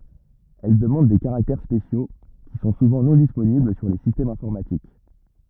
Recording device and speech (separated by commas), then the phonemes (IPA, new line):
rigid in-ear microphone, read sentence
ɛl dəmɑ̃d de kaʁaktɛʁ spesjo ki sɔ̃ suvɑ̃ nɔ̃ disponibl syʁ le sistɛmz ɛ̃fɔʁmatik